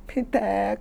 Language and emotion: Thai, sad